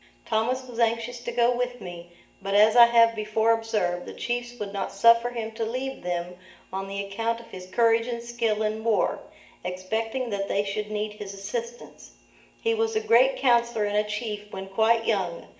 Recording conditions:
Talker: one person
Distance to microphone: 1.8 m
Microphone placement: close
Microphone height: 1.0 m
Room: large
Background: none

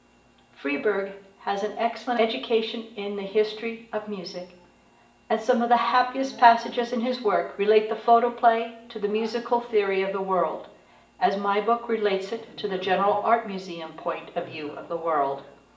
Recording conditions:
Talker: one person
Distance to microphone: 1.8 m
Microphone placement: close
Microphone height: 1.0 m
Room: large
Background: television

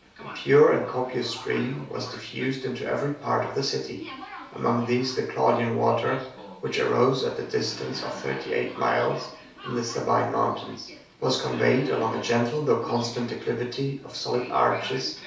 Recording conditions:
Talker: one person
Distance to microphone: 3.0 m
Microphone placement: far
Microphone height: 1.8 m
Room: small (3.7 m by 2.7 m)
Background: television

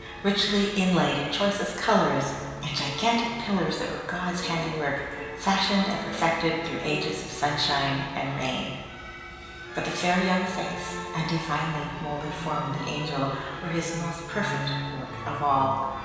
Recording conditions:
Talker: one person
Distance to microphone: 1.7 m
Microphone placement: close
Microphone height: 1.0 m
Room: very reverberant, large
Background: music

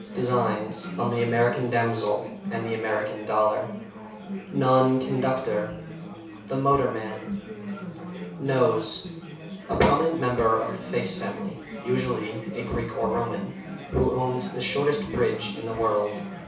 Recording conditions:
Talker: one person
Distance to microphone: 3.0 m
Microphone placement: far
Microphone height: 1.8 m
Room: small (3.7 m by 2.7 m)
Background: babble

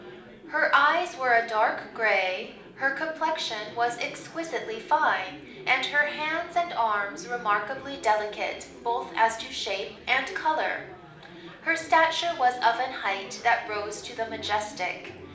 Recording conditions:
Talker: one person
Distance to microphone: 2.0 m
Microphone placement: close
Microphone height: 99 cm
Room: medium-sized (5.7 m by 4.0 m)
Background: babble

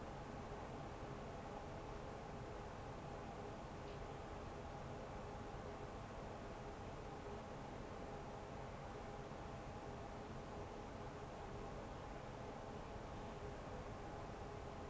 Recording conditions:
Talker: no one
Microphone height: 1.8 m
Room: small (3.7 m by 2.7 m)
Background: none

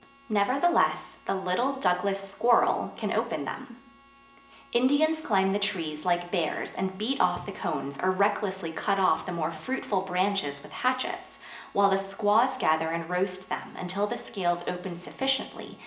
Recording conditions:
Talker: one person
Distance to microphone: 1.8 m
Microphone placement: close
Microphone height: 1.0 m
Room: large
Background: none

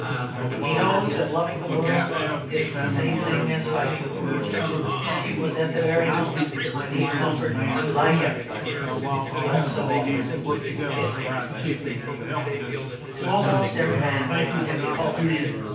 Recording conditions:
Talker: one person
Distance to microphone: 9.8 m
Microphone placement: far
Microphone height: 1.8 m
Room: large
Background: babble

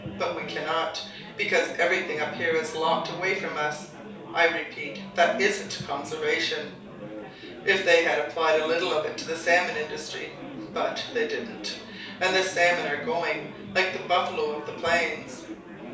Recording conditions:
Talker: one person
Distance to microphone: 3.0 m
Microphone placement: far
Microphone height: 1.8 m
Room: small (3.7 m by 2.7 m)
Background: babble

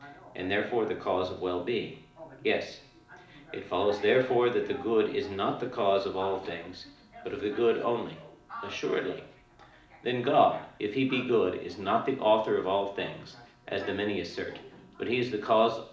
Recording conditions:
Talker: one person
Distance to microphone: 2.0 m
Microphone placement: close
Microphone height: 99 cm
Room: medium-sized (5.7 m by 4.0 m)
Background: television

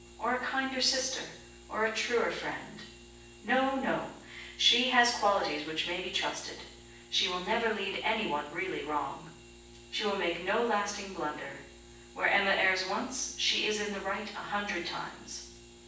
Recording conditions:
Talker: one person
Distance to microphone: 9.8 m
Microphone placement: far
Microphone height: 1.8 m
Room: large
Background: none

